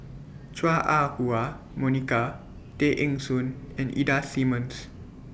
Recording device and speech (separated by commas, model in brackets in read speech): boundary microphone (BM630), read sentence